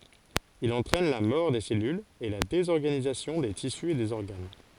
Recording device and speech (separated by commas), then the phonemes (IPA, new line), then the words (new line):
forehead accelerometer, read sentence
il ɑ̃tʁɛn la mɔʁ de sɛlylz e la dezɔʁɡanizasjɔ̃ de tisy e dez ɔʁɡan
Il entraîne la mort des cellules et la désorganisation des tissus et des organes.